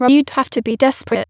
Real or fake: fake